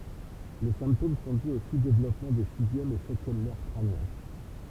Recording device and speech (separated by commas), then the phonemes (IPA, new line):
temple vibration pickup, read sentence
le sɛ̃ptom sɔ̃ dy o suzdevlɔpmɑ̃ de sizjɛm e sɛtjɛm nɛʁ kʁanjɛ̃